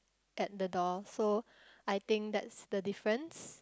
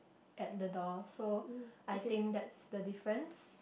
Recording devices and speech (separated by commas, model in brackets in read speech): close-talking microphone, boundary microphone, conversation in the same room